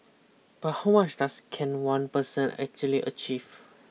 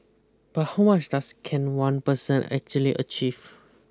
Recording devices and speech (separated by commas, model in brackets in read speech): mobile phone (iPhone 6), close-talking microphone (WH20), read sentence